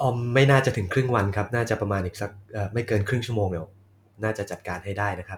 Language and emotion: Thai, neutral